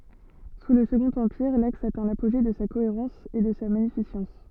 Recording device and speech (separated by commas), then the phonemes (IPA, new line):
soft in-ear microphone, read sentence
su lə səɡɔ̃t ɑ̃piʁ laks atɛ̃ lapoʒe də sa koeʁɑ̃s e də sa maɲifisɑ̃s